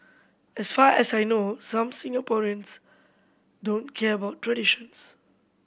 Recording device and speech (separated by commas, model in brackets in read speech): boundary microphone (BM630), read sentence